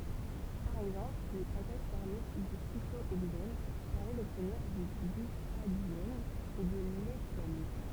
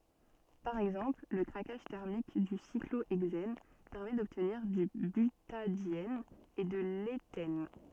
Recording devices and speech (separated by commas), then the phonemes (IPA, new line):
temple vibration pickup, soft in-ear microphone, read sentence
paʁ ɛɡzɑ̃pl lə kʁakaʒ tɛʁmik dy sikloɛɡzɛn pɛʁmɛ dɔbtniʁ dy bytadjɛn e də letɛn